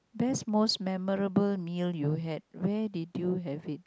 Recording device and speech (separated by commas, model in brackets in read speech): close-talking microphone, conversation in the same room